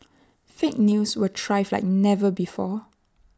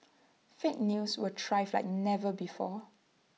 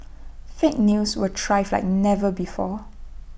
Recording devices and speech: standing microphone (AKG C214), mobile phone (iPhone 6), boundary microphone (BM630), read sentence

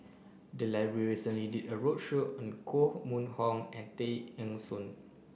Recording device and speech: boundary microphone (BM630), read sentence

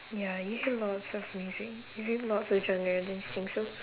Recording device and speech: telephone, conversation in separate rooms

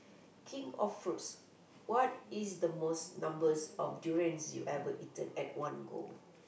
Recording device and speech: boundary microphone, conversation in the same room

